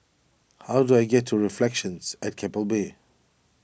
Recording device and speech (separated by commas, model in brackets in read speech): boundary microphone (BM630), read sentence